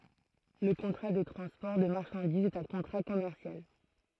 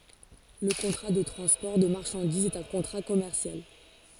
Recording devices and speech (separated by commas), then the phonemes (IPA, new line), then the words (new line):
throat microphone, forehead accelerometer, read sentence
lə kɔ̃tʁa də tʁɑ̃spɔʁ də maʁʃɑ̃dizz ɛt œ̃ kɔ̃tʁa kɔmɛʁsjal
Le contrat de transport de marchandises est un contrat commercial.